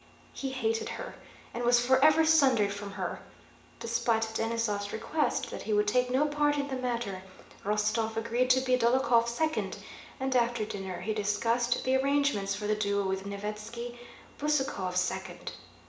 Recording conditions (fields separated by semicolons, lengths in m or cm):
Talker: one person; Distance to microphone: 1.8 m; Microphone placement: close; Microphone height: 1.0 m; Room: large; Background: none